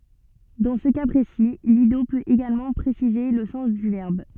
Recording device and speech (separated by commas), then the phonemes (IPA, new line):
soft in-ear microphone, read sentence
dɑ̃ sə ka pʁesi lido pøt eɡalmɑ̃ pʁesize lə sɑ̃s dy vɛʁb